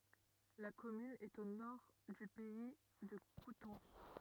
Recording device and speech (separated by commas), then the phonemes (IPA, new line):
rigid in-ear microphone, read sentence
la kɔmyn ɛt o nɔʁ dy pɛi də kutɑ̃s